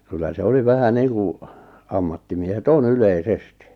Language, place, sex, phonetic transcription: Finnish, Lappajärvi, male, kyllä se 'oli 'vähä 'niiŋku , 'ammattimiehe"t ‿on 'ylei"sesti .
- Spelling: kyllä se oli vähän niin kuin ammattimiehet on yleisesti

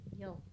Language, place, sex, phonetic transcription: Finnish, Ilmajoki, female, joo .
- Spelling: joo

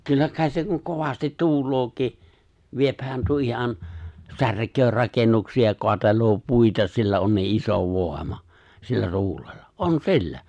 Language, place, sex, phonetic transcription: Finnish, Lapinlahti, male, 'kyllä kàis se kuŋ 'kovastit 'tu̬ulooki , 'viephän tuo 'ihan , "särk̀öö 'rakennuksi₍a ja 'koatel̀oo "puita 'sillä on nii '’iso "vòema , sillä 'tuulellᴀ , "’on "si̬llä .
- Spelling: kyllä kai se kun kovasti tuuleekin viehän tuo ihan särkee rakennuksia ja kaatelee puita sillä on niin iso voima sillä tuulella on sillä

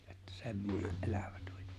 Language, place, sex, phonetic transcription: Finnish, Lapinlahti, male, että 'semmone’ '’elᴀ̈ᴠᴀ̈ tᴜĹ .
- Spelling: että semmoinen elävä tuli

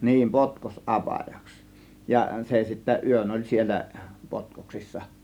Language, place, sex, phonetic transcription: Finnish, Kiihtelysvaara, male, 'niin , "potkos "ˀapajaks , ja , 'se sittä "yön oĺ 'siel̆lä , "potkoksissa .
- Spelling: niin - potkosapajaksi ja se sitten yön oli siellä potkoksissa

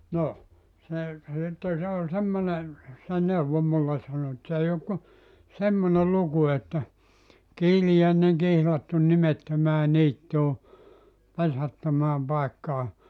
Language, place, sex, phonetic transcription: Finnish, Joutsa, male, "no , se , (ja) sitten̬ 'se oĺ 'semmone , se 'neuvo mulle sano et s ‿ei ok ku , "semmone 'luku että , » 'kiilijä̀eneŋ 'kihlattun 'nimettömää 'niittuu , 'pesättömääm 'paekkaa .
- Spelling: no se ja sitten se oli semmoinen se neuvoi minulle sanoi että se ei ole kuin semmoinen luku että kiiliäinen kihlattu nimettömään niittyyn pesättömään paikkaan

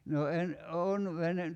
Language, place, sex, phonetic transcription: Finnish, Kerimäki, male, no 'en , 'oon , 'vene ,.
- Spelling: no en olen vene

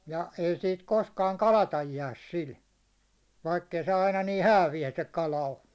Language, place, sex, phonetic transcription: Finnish, Hollola, male, 'ja , 'ei siit 'koskaaŋ "kalataj 'jääs 'sil , 'vaikk ‿ei se 'aina nii "häävijä se 'kala o .
- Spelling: ja ei siitä koskaan kalatta jää sillä vaikka ei se aina niin hääviä se kala ole

